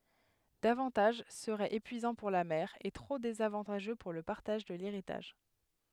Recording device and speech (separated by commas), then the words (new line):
headset microphone, read sentence
Davantage serait épuisant pour la mère et trop désavantageux pour le partage de l'héritage.